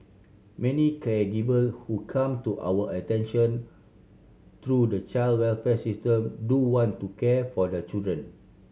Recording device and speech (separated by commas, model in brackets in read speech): mobile phone (Samsung C7100), read sentence